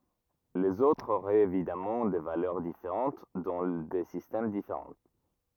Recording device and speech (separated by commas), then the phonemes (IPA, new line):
rigid in-ear microphone, read sentence
lez otʁz oʁɛt evidamɑ̃ de valœʁ difeʁɑ̃t dɑ̃ de sistɛm difeʁɑ̃